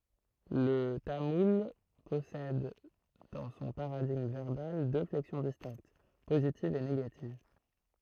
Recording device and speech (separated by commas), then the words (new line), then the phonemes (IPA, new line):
throat microphone, read sentence
Le tamoul possède dans son paradigme verbal deux flexions distinctes, positive et négative.
lə tamul pɔsɛd dɑ̃ sɔ̃ paʁadiɡm vɛʁbal dø flɛksjɔ̃ distɛ̃kt pozitiv e neɡativ